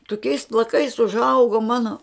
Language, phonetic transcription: Lithuanian, toˈkiais plaˈkais užˈaugu ˈmano

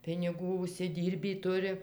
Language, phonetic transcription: Lithuanian, piniˈgų užsiˈdyrbį ˈturi

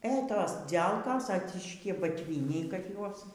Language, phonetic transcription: Lithuanian, ė ˈtos ˈdzelkos aˈciški batˈvyniai kad ˈjuos

